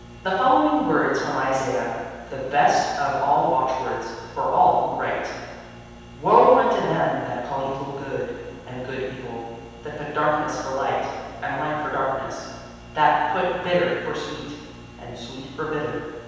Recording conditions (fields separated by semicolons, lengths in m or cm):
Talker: one person; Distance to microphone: 7.1 m; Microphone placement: far; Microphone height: 1.7 m; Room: very reverberant, large; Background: none